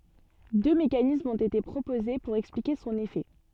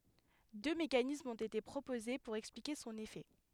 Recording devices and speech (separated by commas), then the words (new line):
soft in-ear microphone, headset microphone, read sentence
Deux mécanismes ont été proposés pour expliquer son effet.